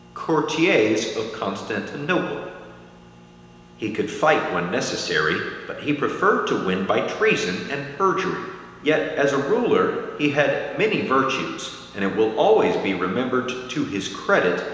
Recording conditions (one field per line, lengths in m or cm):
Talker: one person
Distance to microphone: 1.7 m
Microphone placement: close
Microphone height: 1.0 m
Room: very reverberant, large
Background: none